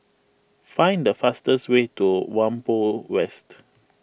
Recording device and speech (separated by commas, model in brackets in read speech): boundary microphone (BM630), read sentence